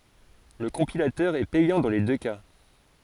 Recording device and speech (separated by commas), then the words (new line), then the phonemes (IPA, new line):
forehead accelerometer, read sentence
Le compilateur est payant dans les deux cas.
lə kɔ̃pilatœʁ ɛ pɛjɑ̃ dɑ̃ le dø ka